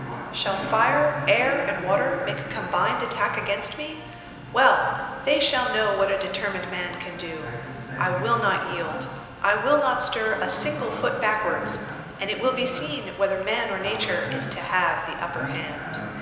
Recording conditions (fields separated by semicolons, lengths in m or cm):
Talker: one person; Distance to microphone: 1.7 m; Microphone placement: close; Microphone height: 1.0 m; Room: very reverberant, large; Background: television